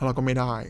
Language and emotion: Thai, sad